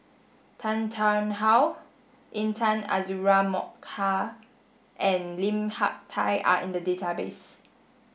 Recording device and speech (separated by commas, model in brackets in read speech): boundary microphone (BM630), read sentence